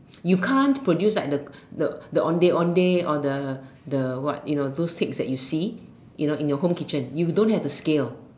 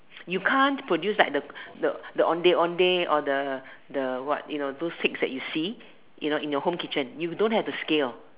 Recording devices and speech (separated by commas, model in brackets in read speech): standing microphone, telephone, conversation in separate rooms